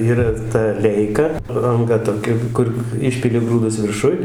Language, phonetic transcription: Lithuanian, ˈyra ta ˈleika anˈga toˈkia ˈkur ˈišpili ˈgrūdus virˈšuj

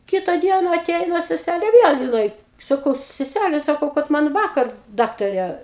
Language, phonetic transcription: Lithuanian, ˈkita ˈdiena aˈteina seˈsælė ˈviel jiˈnai saˈkau seˈsæle saˈkau kad ˈman ˈvakar ˈdaktarė

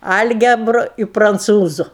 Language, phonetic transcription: Lithuanian, ˈalgebru i pranˈcūzu

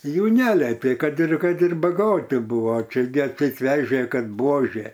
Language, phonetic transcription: Lithuanian, jų ˈneletė kad ir kad ir baˈgoti ˈbūvo ˈčia gi atˈseit ˈvežė ˈkad ˈbuožė

